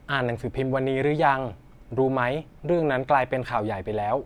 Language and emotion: Thai, neutral